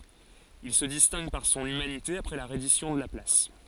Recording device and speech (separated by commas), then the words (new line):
forehead accelerometer, read sentence
Il se distingue par son humanité après la reddition de la place.